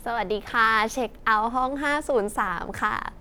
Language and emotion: Thai, happy